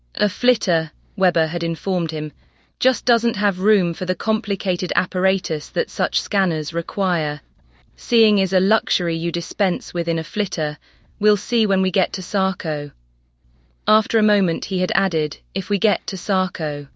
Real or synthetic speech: synthetic